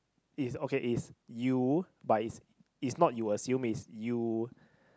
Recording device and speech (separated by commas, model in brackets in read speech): close-talking microphone, conversation in the same room